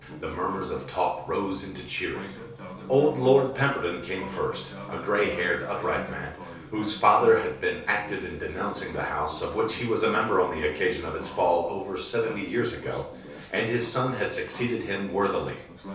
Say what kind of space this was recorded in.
A compact room (about 3.7 m by 2.7 m).